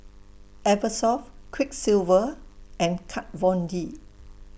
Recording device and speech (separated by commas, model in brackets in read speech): boundary microphone (BM630), read sentence